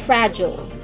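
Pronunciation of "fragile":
'Fragile' is pronounced the American way.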